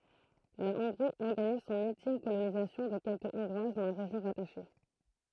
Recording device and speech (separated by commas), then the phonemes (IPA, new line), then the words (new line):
throat microphone, read sentence
la ɔ̃ɡʁi ɔʁɡaniz sɔ̃n yltim kolonizasjɔ̃ də kɛlkə ɔ̃ɡʁwaz dɑ̃ la ʁeʒjɔ̃ ʁataʃe
La Hongrie organise son ultime colonisation de quelque hongroises dans la région rattachée.